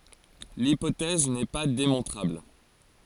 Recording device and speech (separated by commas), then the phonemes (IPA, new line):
forehead accelerometer, read sentence
lipotɛz nɛ pa demɔ̃tʁabl